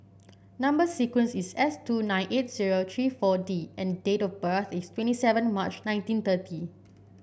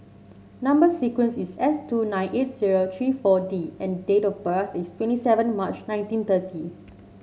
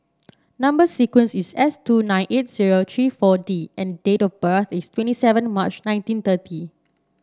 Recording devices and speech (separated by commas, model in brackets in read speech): boundary microphone (BM630), mobile phone (Samsung C7), standing microphone (AKG C214), read sentence